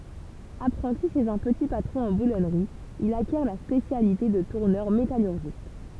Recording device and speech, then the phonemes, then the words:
temple vibration pickup, read sentence
apʁɑ̃ti ʃez œ̃ pəti patʁɔ̃ ɑ̃ bulɔnʁi il akjɛʁ la spesjalite də tuʁnœʁ metalyʁʒist
Apprenti chez un petit patron en boulonnerie, il acquiert la spécialité de tourneur métallurgiste.

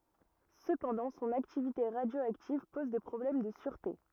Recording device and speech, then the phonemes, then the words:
rigid in-ear microphone, read sentence
səpɑ̃dɑ̃ sɔ̃n aktivite ʁadjoaktiv pɔz de pʁɔblɛm də syʁte
Cependant son activité radioactive pose des problèmes de sûreté.

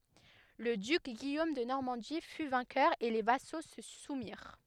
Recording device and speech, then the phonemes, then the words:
headset microphone, read sentence
lə dyk ɡijom də nɔʁmɑ̃di fy vɛ̃kœʁ e le vaso sə sumiʁ
Le duc Guillaume de Normandie fut vainqueur et les vassaux se soumirent.

